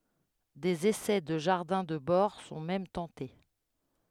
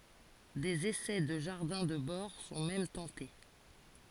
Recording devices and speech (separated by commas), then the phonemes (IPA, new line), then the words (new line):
headset microphone, forehead accelerometer, read sentence
dez esɛ də ʒaʁdɛ̃ də bɔʁ sɔ̃ mɛm tɑ̃te
Des essais de jardins de bord sont même tentés.